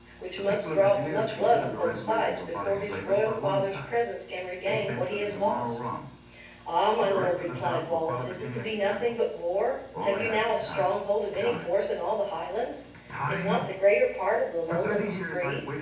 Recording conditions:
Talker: one person; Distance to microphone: 9.8 m; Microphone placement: far; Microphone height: 1.8 m; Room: large; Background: television

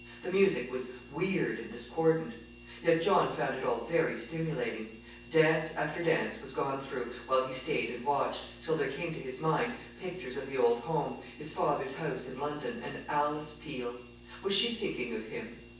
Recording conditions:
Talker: one person; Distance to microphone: 9.8 m; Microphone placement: far; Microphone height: 1.8 m; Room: large; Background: none

